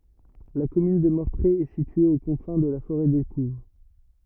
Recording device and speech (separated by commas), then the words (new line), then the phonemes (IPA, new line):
rigid in-ear microphone, read sentence
La commune de Mortrée est située aux confins de la forêt d'Écouves.
la kɔmyn də mɔʁtʁe ɛ sitye o kɔ̃fɛ̃ də la foʁɛ dekuv